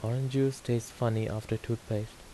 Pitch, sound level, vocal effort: 115 Hz, 79 dB SPL, soft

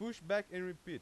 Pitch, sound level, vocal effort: 180 Hz, 96 dB SPL, very loud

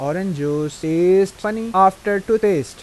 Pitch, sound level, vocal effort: 190 Hz, 90 dB SPL, normal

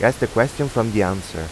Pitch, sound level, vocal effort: 115 Hz, 87 dB SPL, normal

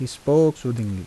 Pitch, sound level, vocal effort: 125 Hz, 83 dB SPL, soft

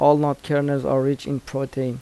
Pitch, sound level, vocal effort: 140 Hz, 83 dB SPL, soft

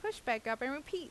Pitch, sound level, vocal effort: 280 Hz, 87 dB SPL, normal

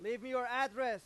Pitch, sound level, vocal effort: 250 Hz, 104 dB SPL, very loud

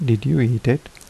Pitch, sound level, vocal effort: 120 Hz, 76 dB SPL, soft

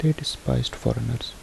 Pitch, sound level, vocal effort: 120 Hz, 69 dB SPL, soft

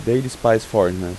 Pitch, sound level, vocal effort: 115 Hz, 87 dB SPL, normal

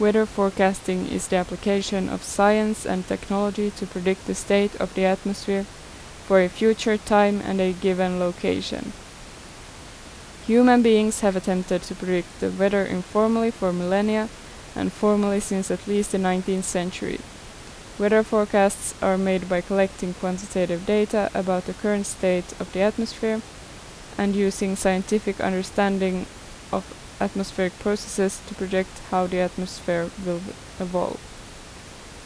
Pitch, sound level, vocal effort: 195 Hz, 80 dB SPL, normal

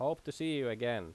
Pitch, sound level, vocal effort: 140 Hz, 89 dB SPL, loud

